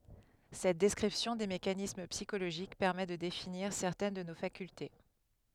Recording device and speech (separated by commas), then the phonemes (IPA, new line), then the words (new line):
headset microphone, read sentence
sɛt dɛskʁipsjɔ̃ de mekanism psikoloʒik pɛʁmɛ də definiʁ sɛʁtɛn də no fakylte
Cette description des mécanismes psychologiques permet de définir certaines de nos facultés.